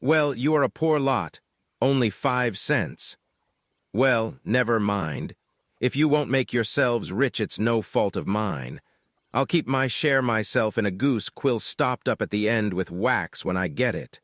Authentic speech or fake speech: fake